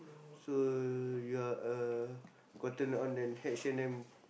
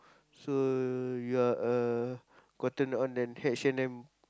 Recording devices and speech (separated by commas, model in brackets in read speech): boundary microphone, close-talking microphone, conversation in the same room